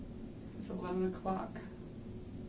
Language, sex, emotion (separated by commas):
English, male, sad